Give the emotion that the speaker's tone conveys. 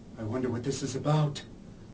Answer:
fearful